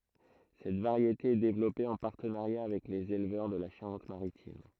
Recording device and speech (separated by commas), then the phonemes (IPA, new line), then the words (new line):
throat microphone, read sentence
sɛt vaʁjete ɛ devlɔpe ɑ̃ paʁtənaʁja avɛk lez elvœʁ də la ʃaʁɑ̃tmaʁitim
Cette variété est développée en partenariat avec les éleveurs de la Charente-Maritime.